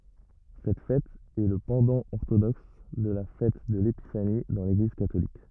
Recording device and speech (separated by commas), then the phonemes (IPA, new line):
rigid in-ear microphone, read sentence
sɛt fɛt ɛ lə pɑ̃dɑ̃ ɔʁtodɔks də la fɛt də lepifani dɑ̃ leɡliz katolik